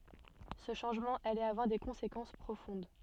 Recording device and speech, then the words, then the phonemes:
soft in-ear microphone, read sentence
Ce changement allait avoir des conséquences profondes.
sə ʃɑ̃ʒmɑ̃ alɛt avwaʁ de kɔ̃sekɑ̃s pʁofɔ̃d

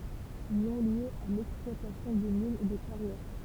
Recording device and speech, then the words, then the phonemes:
temple vibration pickup, read sentence
Nom lié à l’exploitation de mines et de carrières.
nɔ̃ lje a lɛksplwatasjɔ̃ də minz e də kaʁjɛʁ

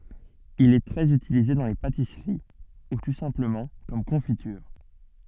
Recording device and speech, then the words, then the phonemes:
soft in-ear microphone, read sentence
Il est très utilisé dans les pâtisseries ou tout simplement comme confiture.
il ɛ tʁɛz ytilize dɑ̃ le patisəʁi u tu sɛ̃pləmɑ̃ kɔm kɔ̃fityʁ

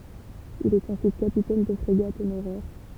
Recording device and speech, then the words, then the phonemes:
temple vibration pickup, read sentence
Il est ensuite capitaine de frégate honoraire.
il ɛt ɑ̃syit kapitɛn də fʁeɡat onoʁɛʁ

